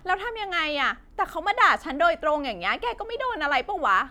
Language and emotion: Thai, angry